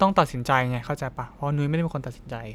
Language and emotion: Thai, neutral